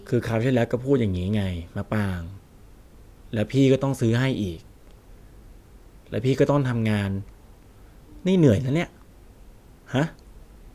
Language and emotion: Thai, frustrated